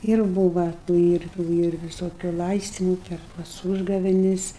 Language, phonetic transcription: Lithuanian, ir ˈbūva tų ˈir tų ˈir viˈsokiu ˈlaistimu ˈper tas ˈūžgavenis

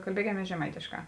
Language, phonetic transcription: Lithuanian, kalˈbiekiamies žeˈmaitėšˌkā

